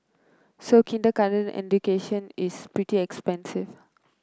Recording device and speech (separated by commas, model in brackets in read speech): close-talking microphone (WH30), read sentence